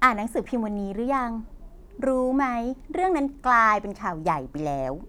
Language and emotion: Thai, happy